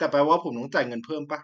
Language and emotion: Thai, frustrated